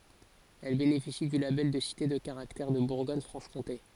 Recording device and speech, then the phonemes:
forehead accelerometer, read sentence
ɛl benefisi dy labɛl də site də kaʁaktɛʁ də buʁɡɔɲ fʁɑ̃ʃ kɔ̃te

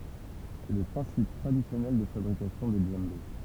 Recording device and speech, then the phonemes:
temple vibration pickup, read sentence
sɛ lə pʁɛ̃sip tʁadisjɔnɛl də fabʁikasjɔ̃ de dʒɑ̃be

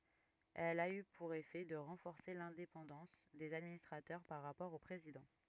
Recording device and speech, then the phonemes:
rigid in-ear microphone, read sentence
ɛl a y puʁ efɛ də ʁɑ̃fɔʁse lɛ̃depɑ̃dɑ̃s dez administʁatœʁ paʁ ʁapɔʁ o pʁezidɑ̃

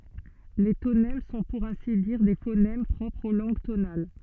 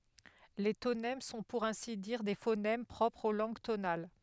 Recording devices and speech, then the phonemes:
soft in-ear microphone, headset microphone, read sentence
le tonɛm sɔ̃ puʁ ɛ̃si diʁ de fonɛm pʁɔpʁz o lɑ̃ɡ tonal

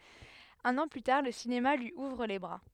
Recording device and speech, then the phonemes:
headset microphone, read sentence
œ̃n ɑ̃ ply taʁ lə sinema lyi uvʁ le bʁa

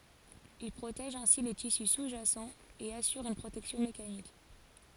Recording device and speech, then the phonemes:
forehead accelerometer, read sentence
il pʁotɛʒ ɛ̃si le tisy suzʒasɑ̃ e asyʁ yn pʁotɛksjɔ̃ mekanik

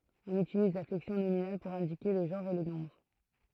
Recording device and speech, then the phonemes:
throat microphone, read sentence
ɔ̃n ytiliz la flɛksjɔ̃ nominal puʁ ɛ̃dike lə ʒɑ̃ʁ e lə nɔ̃bʁ

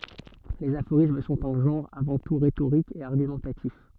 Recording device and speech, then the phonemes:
soft in-ear microphone, read sentence
lez afoʁism sɔ̃t œ̃ ʒɑ̃ʁ avɑ̃ tu ʁetoʁik e aʁɡymɑ̃tatif

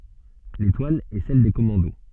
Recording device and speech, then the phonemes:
soft in-ear microphone, read sentence
letwal ɛ sɛl de kɔmɑ̃do

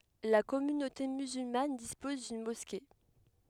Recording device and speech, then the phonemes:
headset microphone, read sentence
la kɔmynote myzylman dispɔz dyn mɔske

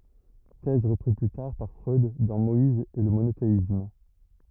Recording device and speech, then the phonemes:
rigid in-ear microphone, read sentence
tɛz ʁəpʁiz ply taʁ paʁ fʁœd dɑ̃ mɔiz e lə monoteism

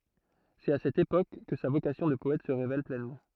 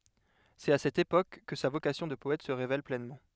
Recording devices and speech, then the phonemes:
throat microphone, headset microphone, read sentence
sɛt a sɛt epok kə sa vokasjɔ̃ də pɔɛt sə ʁevɛl plɛnmɑ̃

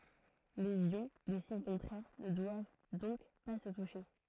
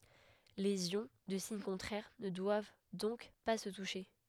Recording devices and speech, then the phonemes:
throat microphone, headset microphone, read sentence
lez jɔ̃ də siɲ kɔ̃tʁɛʁ nə dwav dɔ̃k pa sə tuʃe

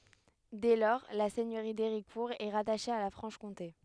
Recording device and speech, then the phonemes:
headset microphone, read sentence
dɛ lɔʁ la sɛɲøʁi deʁikuʁ ɛ ʁataʃe a la fʁɑ̃ʃkɔ̃te

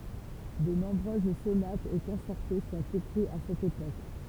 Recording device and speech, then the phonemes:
temple vibration pickup, read sentence
də nɔ̃bʁøz sonatz e kɔ̃sɛʁto sɔ̃t ekʁiz a sɛt epok

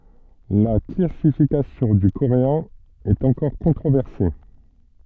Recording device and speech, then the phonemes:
soft in-ear microphone, read sentence
la klasifikasjɔ̃ dy koʁeɛ̃ ɛt ɑ̃kɔʁ kɔ̃tʁovɛʁse

